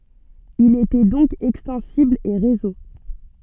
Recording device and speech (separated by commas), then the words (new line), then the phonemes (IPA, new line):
soft in-ear microphone, read sentence
Il était donc extensible et réseau.
il etɛ dɔ̃k ɛkstɑ̃sibl e ʁezo